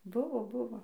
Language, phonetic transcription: Lithuanian, ˈbuvo ˈbuvo

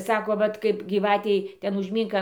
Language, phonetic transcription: Lithuanian, ˈsako ˈvat kaip gyˈvatei ˈten užˈmynk

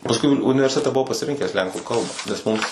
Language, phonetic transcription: Lithuanian, pasˈkui uni universiˈtete buˈvau pasiˈrinkęs ˈlenkų ˈkalba nes ˈmums

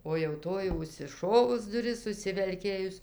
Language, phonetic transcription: Lithuanian, o jau ˈtoj jau užsiˈšovus duˈris užsivelˈkėjus

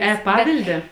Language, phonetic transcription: Lithuanian, eˈpavilde

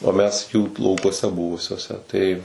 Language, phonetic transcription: Lithuanian, o ˈmes jų laukuoˈse ˈbuvusiuose tai

